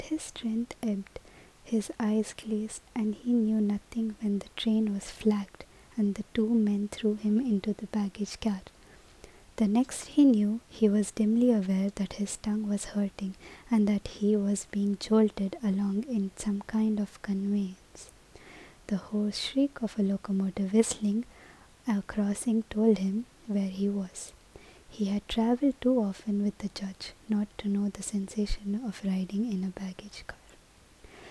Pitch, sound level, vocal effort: 210 Hz, 73 dB SPL, soft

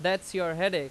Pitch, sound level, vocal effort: 185 Hz, 92 dB SPL, very loud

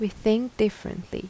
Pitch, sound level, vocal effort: 215 Hz, 80 dB SPL, soft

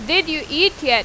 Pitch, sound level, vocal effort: 315 Hz, 94 dB SPL, loud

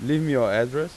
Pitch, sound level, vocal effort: 150 Hz, 92 dB SPL, normal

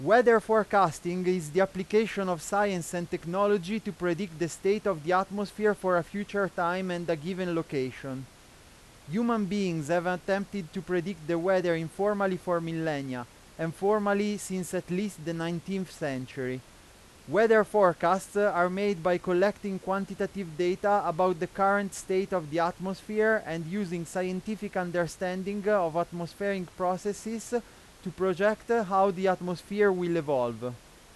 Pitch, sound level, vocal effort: 185 Hz, 94 dB SPL, very loud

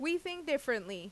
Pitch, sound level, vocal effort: 280 Hz, 90 dB SPL, loud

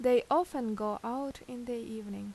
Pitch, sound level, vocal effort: 240 Hz, 83 dB SPL, normal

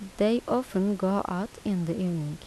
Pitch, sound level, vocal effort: 195 Hz, 80 dB SPL, soft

